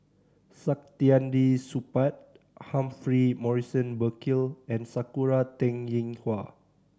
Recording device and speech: standing microphone (AKG C214), read sentence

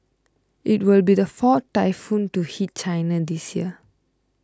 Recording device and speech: close-talking microphone (WH20), read sentence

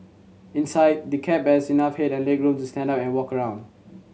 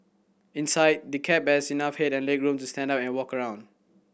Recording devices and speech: mobile phone (Samsung C7100), boundary microphone (BM630), read sentence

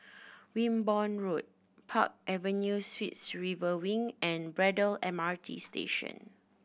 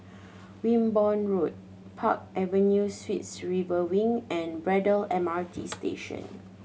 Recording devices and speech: boundary microphone (BM630), mobile phone (Samsung C7100), read sentence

